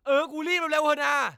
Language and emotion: Thai, angry